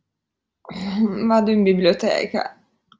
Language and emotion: Italian, disgusted